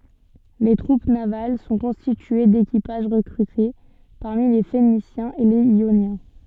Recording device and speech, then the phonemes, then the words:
soft in-ear microphone, read sentence
le tʁup naval sɔ̃ kɔ̃stitye dekipaʒ ʁəkʁyte paʁmi le fenisjɛ̃z e lez jonjɛ̃
Les troupes navales sont constituées d'équipages recrutés parmi les Phéniciens et les Ioniens.

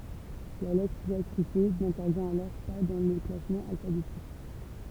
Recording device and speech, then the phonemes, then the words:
temple vibration pickup, read sentence
la lɛtʁ djakʁite nɛ̃tɛʁvjɛ̃t alɔʁ pa dɑ̃ lə klasmɑ̃ alfabetik
La lettre diacritée n'intervient alors pas dans le classement alphabétique.

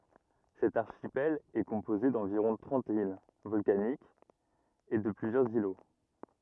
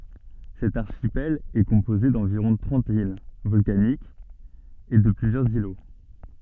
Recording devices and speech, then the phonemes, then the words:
rigid in-ear microphone, soft in-ear microphone, read sentence
sɛt aʁʃipɛl ɛ kɔ̃poze dɑ̃viʁɔ̃ tʁɑ̃t il vɔlkanikz e də plyzjœʁz ilo
Cet archipel est composé d’environ trente îles volcaniques et de plusieurs îlots.

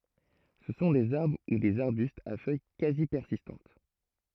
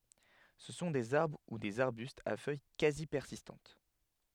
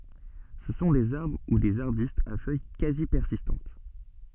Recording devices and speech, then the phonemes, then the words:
throat microphone, headset microphone, soft in-ear microphone, read sentence
sə sɔ̃ dez aʁbʁ u dez aʁbystz a fœj kazi pɛʁsistɑ̃t
Ce sont des arbres ou des arbustes à feuilles quasi persistantes.

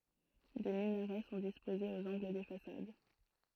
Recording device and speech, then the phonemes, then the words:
throat microphone, read sentence
de minaʁɛ sɔ̃ dispozez oz ɑ̃ɡl de fasad
Des minarets sont disposés aux angles des façades.

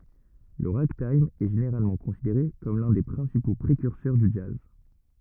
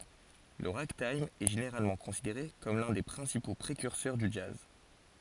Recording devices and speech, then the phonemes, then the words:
rigid in-ear microphone, forehead accelerometer, read sentence
lə ʁaɡtajm ɛ ʒeneʁalmɑ̃ kɔ̃sideʁe kɔm lœ̃ de pʁɛ̃sipo pʁekyʁsœʁ dy dʒaz
Le ragtime est généralement considéré comme l'un des principaux précurseurs du jazz.

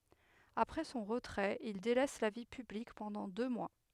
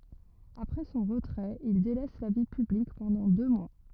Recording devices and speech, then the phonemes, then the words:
headset microphone, rigid in-ear microphone, read sentence
apʁɛ sɔ̃ ʁətʁɛt il delɛs la vi pyblik pɑ̃dɑ̃ dø mwa
Après son retrait, il délaisse la vie publique pendant deux mois.

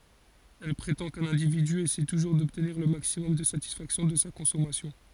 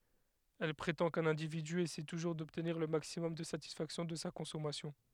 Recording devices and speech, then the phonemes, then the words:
forehead accelerometer, headset microphone, read sentence
ɛl pʁetɑ̃ kœ̃n ɛ̃dividy esɛ tuʒuʁ dɔbtniʁ lə maksimɔm də satisfaksjɔ̃ də sa kɔ̃sɔmasjɔ̃
Elle prétend qu'un individu essaie toujours d'obtenir le maximum de satisfaction de sa consommation.

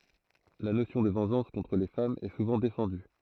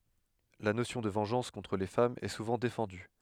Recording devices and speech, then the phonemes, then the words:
throat microphone, headset microphone, read sentence
la nosjɔ̃ də vɑ̃ʒɑ̃s kɔ̃tʁ le famz ɛ suvɑ̃ defɑ̃dy
La notion de vengeance contre les femmes est souvent défendue.

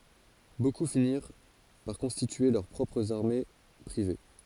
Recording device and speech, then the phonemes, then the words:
forehead accelerometer, read sentence
boku finiʁ paʁ kɔ̃stitye lœʁ pʁɔpʁz aʁme pʁive
Beaucoup finirent par constituer leurs propres armées privées.

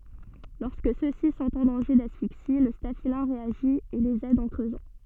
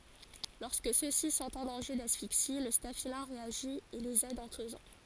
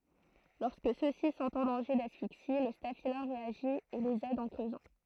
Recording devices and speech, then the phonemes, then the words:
soft in-ear microphone, forehead accelerometer, throat microphone, read sentence
lɔʁskə sø si sɔ̃t ɑ̃ dɑ̃ʒe dasfiksi lə stafilɛ̃ ʁeaʒi e lez ɛd ɑ̃ kʁøzɑ̃
Lorsque ceux-ci sont en danger d'asphyxie, le staphylin réagit et les aide en creusant.

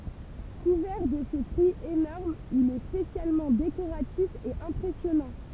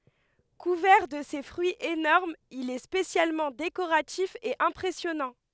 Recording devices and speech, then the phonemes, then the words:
temple vibration pickup, headset microphone, read sentence
kuvɛʁ də se fʁyiz enɔʁmz il ɛ spesjalmɑ̃ dekoʁatif e ɛ̃pʁɛsjɔnɑ̃
Couvert de ses fruits énormes il est spécialement décoratif et impressionnant.

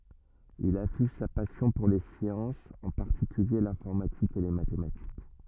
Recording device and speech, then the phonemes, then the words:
rigid in-ear microphone, read sentence
il afiʃ sa pasjɔ̃ puʁ le sjɑ̃sz ɑ̃ paʁtikylje lɛ̃fɔʁmatik e le matematik
Il affiche sa passion pour les sciences, en particulier l'informatique et les mathématiques.

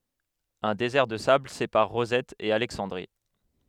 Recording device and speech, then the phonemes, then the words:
headset microphone, read sentence
œ̃ dezɛʁ də sabl sepaʁ ʁozɛt e alɛksɑ̃dʁi
Un désert de sable sépare Rosette et Alexandrie.

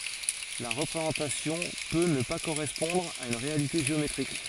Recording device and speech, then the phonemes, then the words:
forehead accelerometer, read sentence
la ʁəpʁezɑ̃tasjɔ̃ pø nə pa koʁɛspɔ̃dʁ a yn ʁealite ʒeometʁik
La représentation peut ne pas correspondre à une réalité géométrique.

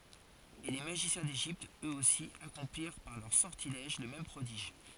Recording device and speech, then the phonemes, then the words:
forehead accelerometer, read sentence
e le maʒisjɛ̃ deʒipt øksosi akɔ̃pliʁ paʁ lœʁ sɔʁtilɛʒ lə mɛm pʁodiʒ
Et les magiciens d'Égypte, eux-aussi, accomplirent par leurs sortilèges le même prodige.

